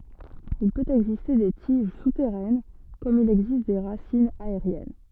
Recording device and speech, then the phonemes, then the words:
soft in-ear microphone, read sentence
il pøt ɛɡziste de tiʒ sutɛʁɛn kɔm il ɛɡzist de ʁasinz aeʁjɛn
Il peut exister des tiges souterraines comme il existe des racines aériennes.

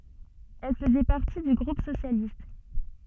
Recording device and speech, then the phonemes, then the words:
soft in-ear microphone, read sentence
ɛl fəzɛ paʁti dy ɡʁup sosjalist
Elle faisait partie du groupe socialiste.

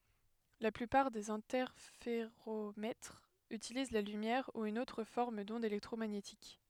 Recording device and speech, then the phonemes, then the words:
headset microphone, read sentence
la plypaʁ dez ɛ̃tɛʁfeʁomɛtʁz ytiliz la lymjɛʁ u yn otʁ fɔʁm dɔ̃d elɛktʁomaɲetik
La plupart des interféromètres utilisent la lumière ou une autre forme d'onde électromagnétique.

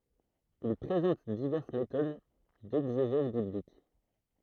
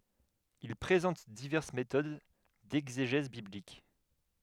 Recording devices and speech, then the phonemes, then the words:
throat microphone, headset microphone, read sentence
il pʁezɑ̃t divɛʁs metod dɛɡzeʒɛz biblik
Il présente diverses méthodes d'exégèse biblique.

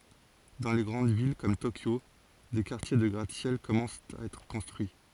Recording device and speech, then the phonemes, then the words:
forehead accelerometer, read sentence
dɑ̃ le ɡʁɑ̃d vil kɔm tokjo de kaʁtje də ɡʁat sjɛl kɔmɑ̃st a ɛtʁ kɔ̃stʁyi
Dans les grandes villes comme Tokyo, des quartiers de gratte-ciels commencent à être construits.

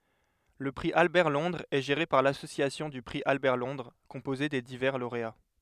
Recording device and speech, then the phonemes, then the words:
headset microphone, read sentence
lə pʁi albɛʁtlɔ̃dʁz ɛ ʒeʁe paʁ lasosjasjɔ̃ dy pʁi albɛʁtlɔ̃dʁ kɔ̃poze de divɛʁ loʁea
Le prix Albert-Londres est géré par l'Association du prix Albert-Londres, composée des divers lauréats.

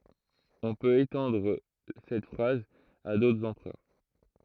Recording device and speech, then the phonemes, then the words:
throat microphone, read sentence
ɔ̃ pøt etɑ̃dʁ sɛt fʁaz a dotʁz ɑ̃pʁœʁ
On peut étendre cette phrase à d'autres empereurs.

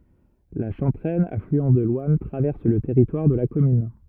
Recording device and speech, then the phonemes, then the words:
rigid in-ear microphone, read sentence
la ʃɑ̃tʁɛn aflyɑ̃ də lwan tʁavɛʁs lə tɛʁitwaʁ də la kɔmyn
La Chanteraine, affluent de l'Ouanne, traverse le territoire de la commune.

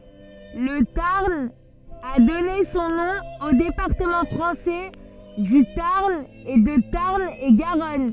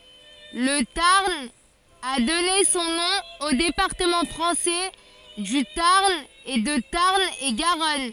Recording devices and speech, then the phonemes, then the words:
soft in-ear microphone, forehead accelerometer, read sentence
lə taʁn a dɔne sɔ̃ nɔ̃ o depaʁtəmɑ̃ fʁɑ̃sɛ dy taʁn e də taʁn e ɡaʁɔn
Le Tarn a donné son nom aux départements français du Tarn et de Tarn-et-Garonne.

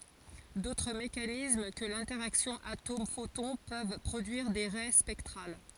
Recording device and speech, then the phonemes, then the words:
forehead accelerometer, read sentence
dotʁ mekanism kə lɛ̃tɛʁaksjɔ̃ atomɛfotɔ̃ pøv pʁodyiʁ de ʁɛ spɛktʁal
D'autres mécanismes que l'interaction atome-photon peuvent produire des raies spectrales.

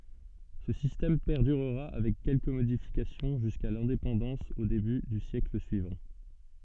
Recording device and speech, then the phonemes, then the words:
soft in-ear microphone, read sentence
sə sistɛm pɛʁdyʁʁa avɛk kɛlkə modifikasjɔ̃ ʒyska lɛ̃depɑ̃dɑ̃s o deby dy sjɛkl syivɑ̃
Ce système perdurera avec quelques modifications jusqu'à l'indépendance au début du siècle suivant.

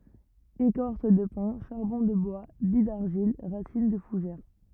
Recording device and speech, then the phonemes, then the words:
rigid in-ear microphone, read sentence
ekɔʁs də pɛ̃ ʃaʁbɔ̃ də bwa bij daʁʒil ʁasin də fuʒɛʁ
Écorce de pin, charbon de bois, billes d'argile, racines de fougères.

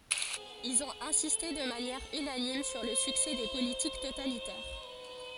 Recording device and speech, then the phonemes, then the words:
forehead accelerometer, read sentence
ilz ɔ̃t ɛ̃siste də manjɛʁ ynanim syʁ lə syksɛ de politik totalitɛʁ
Ils ont insisté de manière unanime sur le succès des politiques totalitaires.

